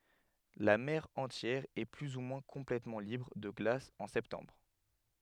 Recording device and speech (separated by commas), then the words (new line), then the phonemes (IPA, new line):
headset microphone, read sentence
La mer entière est plus ou moins complètement libre de glace en septembre.
la mɛʁ ɑ̃tjɛʁ ɛ ply u mwɛ̃ kɔ̃plɛtmɑ̃ libʁ də ɡlas ɑ̃ sɛptɑ̃bʁ